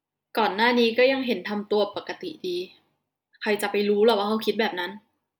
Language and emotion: Thai, frustrated